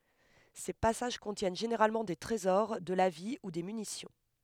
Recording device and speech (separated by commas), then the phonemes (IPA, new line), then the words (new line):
headset microphone, read sentence
se pasaʒ kɔ̃tjɛn ʒeneʁalmɑ̃ de tʁezɔʁ də la vi u de mynisjɔ̃
Ces passages contiennent généralement des trésors, de la vie ou des munitions.